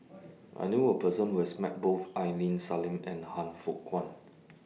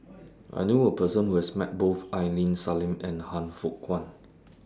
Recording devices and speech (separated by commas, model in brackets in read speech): mobile phone (iPhone 6), standing microphone (AKG C214), read sentence